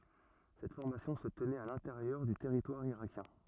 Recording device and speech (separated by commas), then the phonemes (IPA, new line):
rigid in-ear microphone, read sentence
sɛt fɔʁmasjɔ̃ sə tənɛt a lɛ̃teʁjœʁ dy tɛʁitwaʁ iʁakjɛ̃